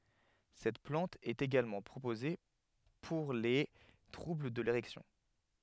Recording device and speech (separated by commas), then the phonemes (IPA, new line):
headset microphone, read sentence
sɛt plɑ̃t ɛt eɡalmɑ̃ pʁopoze puʁ le tʁubl də leʁɛksjɔ̃